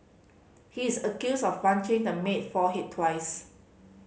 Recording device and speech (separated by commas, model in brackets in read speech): mobile phone (Samsung C5010), read sentence